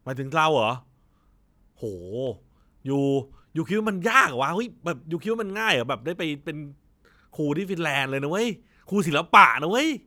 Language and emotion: Thai, frustrated